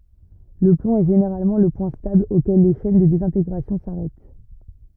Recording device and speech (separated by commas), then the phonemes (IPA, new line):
rigid in-ear microphone, read sentence
lə plɔ̃ ɛ ʒeneʁalmɑ̃ lə pwɛ̃ stabl okɛl le ʃɛn də dezɛ̃teɡʁasjɔ̃ saʁɛt